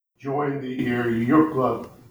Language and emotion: English, sad